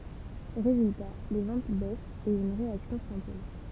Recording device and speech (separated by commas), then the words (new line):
temple vibration pickup, read sentence
Résultat, les ventes baissent et une réaction s'impose.